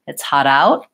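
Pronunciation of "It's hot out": The T at the end of 'out' is a stopped T: the air stops for the T, but the T is not released.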